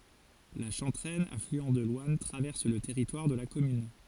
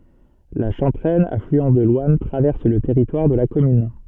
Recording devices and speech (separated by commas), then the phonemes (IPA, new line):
forehead accelerometer, soft in-ear microphone, read sentence
la ʃɑ̃tʁɛn aflyɑ̃ də lwan tʁavɛʁs lə tɛʁitwaʁ də la kɔmyn